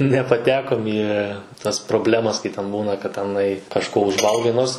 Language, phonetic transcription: Lithuanian, nepaˈtekom į tas proˈblemas kai ten ˈbūna kad teˈnai kažˈko užˈvalgai ˈnors

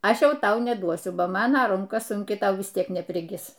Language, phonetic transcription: Lithuanian, ˈaš ˈjau ˈtau neˈduosiu ˈba ˈmana ˈrunka sunˈki ˈtau vis ˈtiek nepriˈgis

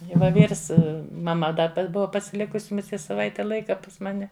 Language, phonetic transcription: Lithuanian, i va ˈvyrs maˈma ˈda pa ˈbuva pasiˈlikusi muˈsie saˈvaite ˈlaika pas ˈmane

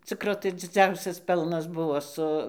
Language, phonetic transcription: Lithuanian, ˈcikro tai dziˈdziausias ˈpelnas ˈbuvo su

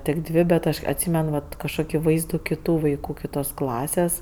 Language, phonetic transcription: Lithuanian, tik ˈdvė bet ˈaš atˈsymen vat kažˈkoki ˈvaizdų kiˈtų vaiˈkų kiˈtos ˈklasės

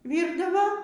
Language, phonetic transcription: Lithuanian, ˈvyrdavo

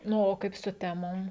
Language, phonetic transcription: Lithuanian, ˈnu o ˈkaip su ˈtemom

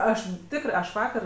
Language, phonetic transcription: Lithuanian, ˈaš ˈtikrɜ ˈaš ˈvakar

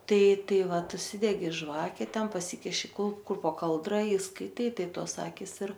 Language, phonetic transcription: Lithuanian, ˈtai ˈtai ˈvat užˈsidegi ˈžvake ˈten paˈsikiši ˈkul ˈkur po ˈkaldra i skaiˈtai ˈtai ˈtos ˈakis ir

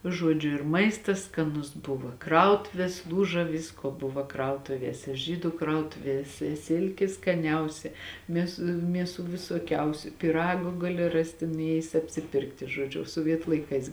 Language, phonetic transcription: Lithuanian, ˈžuodžiu ir ˈmaistas skaˈnus ˈbuvo ˈkrautuvės ˈlūža ˈvisko ˈbuva ˈkrautuviese ˈžydu ˈkrautuviese ˈsilki skaˈniausia ˈmės ˈmieˌsų visoˈkiausiu piˈragu ˈgali ˈrasti nuˈėjis apsiˈpirkti žoˈdžiu soˈvietu laiˈkais

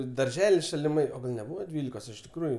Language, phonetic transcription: Lithuanian, i darˈželis šaliˈmai o ˈgal' neˈbūva ˈdvylikos iš tikˈrųju

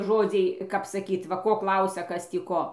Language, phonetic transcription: Lithuanian, ˈžodziai kap saˈkyt va ˈko ˈklausia ˈkas tį ˈko

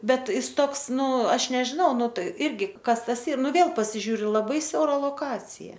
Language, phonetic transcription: Lithuanian, ˈbet ˈjis ˈtoks ˈnu ˈaš nežiˈnau ˈnu ˈtai ˈirgi ˈkas ˈtas ˈyr ˈnu ˈvėl pasiˈžiūriu laˈbai ˈsiaura loˈkacija

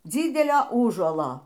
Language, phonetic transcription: Lithuanian, ˈdzydelio ˈųžuolo

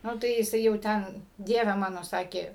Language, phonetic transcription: Lithuanian, ˈnu tai jiˈsai jau ˈten ˈdieve ˈmano ˈsakė

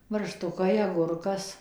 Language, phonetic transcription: Lithuanian, barˈštukai aˈgurkas

